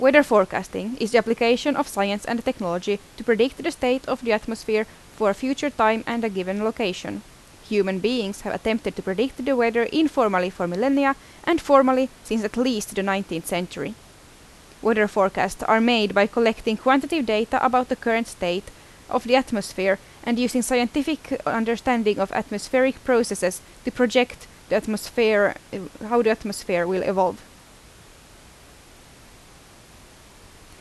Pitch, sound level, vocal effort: 225 Hz, 83 dB SPL, loud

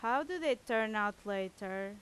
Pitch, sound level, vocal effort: 210 Hz, 90 dB SPL, very loud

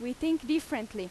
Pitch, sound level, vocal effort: 300 Hz, 90 dB SPL, loud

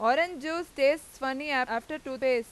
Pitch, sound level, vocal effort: 275 Hz, 96 dB SPL, loud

